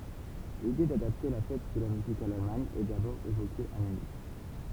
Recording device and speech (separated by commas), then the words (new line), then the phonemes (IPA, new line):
temple vibration pickup, read sentence
L'idée d'adapter la Fête de la musique à l'Allemagne est d'abord évoquée à Munich.
lide dadapte la fɛt də la myzik a lalmaɲ ɛ dabɔʁ evoke a mynik